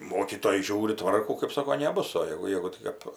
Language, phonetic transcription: Lithuanian, ˈmokytoja ˈžiūri ˈtvarkų kɜp ˈsoko neˈbus o ˈjegu ˈjegu ˈtik ap

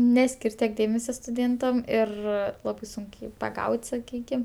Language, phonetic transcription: Lithuanian, ˈneskir' tiek ˈdėmesio stuˈdėntam ir ˈlabai ˈsunk jį paˈgaut' saˈkykim

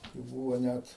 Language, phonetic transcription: Lithuanian, tai ˈbūvo ˈnæt

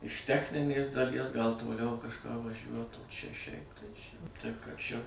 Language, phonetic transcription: Lithuanian, iš ˈtechninės daˈlies gal toˈliau kažˈką vaˈžiuot o čia šiaip tai čia tai ka ˈčia

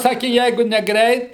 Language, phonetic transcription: Lithuanian, ˈsaki ˈjeigu neˈgreit

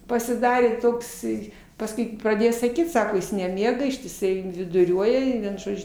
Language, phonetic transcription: Lithuanian, pasiˈdarė tokˈsai pasˈkui praˈdėjo saˈkyt ˈsako ˈjis neˈmiega ištiˈsai viduˈriuoja i ˈvien ˈžodžiu

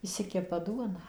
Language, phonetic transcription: Lithuanian, išˈsikepa ˈduoną

